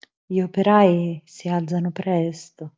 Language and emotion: Italian, sad